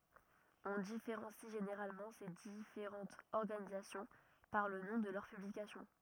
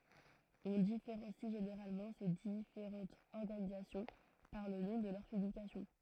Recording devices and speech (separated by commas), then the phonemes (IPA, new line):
rigid in-ear microphone, throat microphone, read sentence
ɔ̃ difeʁɑ̃si ʒeneʁalmɑ̃ se difeʁɑ̃tz ɔʁɡanizasjɔ̃ paʁ lə nɔ̃ də lœʁ pyblikasjɔ̃